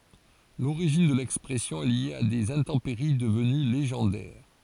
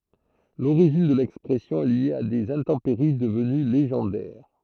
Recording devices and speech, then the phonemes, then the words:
forehead accelerometer, throat microphone, read sentence
loʁiʒin də lɛkspʁɛsjɔ̃ ɛ lje a dez ɛ̃tɑ̃peʁi dəvəny leʒɑ̃dɛʁ
L'origine de l'expression est liée à des intempéries devenues légendaires:.

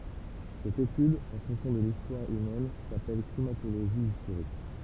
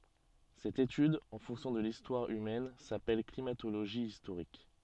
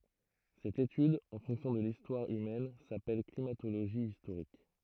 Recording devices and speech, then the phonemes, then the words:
temple vibration pickup, soft in-ear microphone, throat microphone, read sentence
sɛt etyd ɑ̃ fɔ̃ksjɔ̃ də listwaʁ ymɛn sapɛl klimatoloʒi istoʁik
Cette étude en fonction de l'histoire humaine s'appelle climatologie historique.

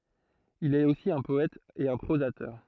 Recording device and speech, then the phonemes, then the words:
throat microphone, read sentence
il ɛt osi œ̃ pɔɛt e œ̃ pʁozatœʁ
Il est aussi un poète et un prosateur.

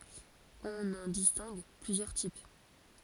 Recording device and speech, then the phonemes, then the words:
forehead accelerometer, read sentence
ɔ̃n ɑ̃ distɛ̃ɡ plyzjœʁ tip
On en distingue plusieurs types.

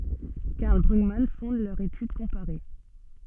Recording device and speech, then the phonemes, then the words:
soft in-ear microphone, read sentence
kaʁl bʁyɡman fɔ̃d lœʁ etyd kɔ̃paʁe
Karl Brugmann fonde leur étude comparée.

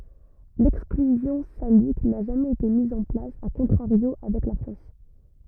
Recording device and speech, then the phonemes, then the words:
rigid in-ear microphone, read sentence
lɛksklyzjɔ̃ salik na ʒamɛz ete miz ɑ̃ plas a kɔ̃tʁaʁjo avɛk la fʁɑ̃s
L'exclusion salique n'a jamais été mise en place a contrario avec la France.

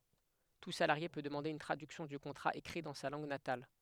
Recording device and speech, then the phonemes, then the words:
headset microphone, read sentence
tu salaʁje pø dəmɑ̃de yn tʁadyksjɔ̃ dy kɔ̃tʁa ekʁi dɑ̃ sa lɑ̃ɡ natal
Tout salarié peut demander une traduction du contrat écrit dans sa langue natale.

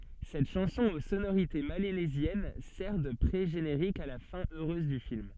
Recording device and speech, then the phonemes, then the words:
soft in-ear microphone, read sentence
sɛt ʃɑ̃sɔ̃ o sonoʁite melanezjɛn sɛʁ də pʁeʒeneʁik a la fɛ̃ øʁøz dy film
Cette chanson aux sonorités mélanésiennes sert de pré-générique à la fin heureuse du film.

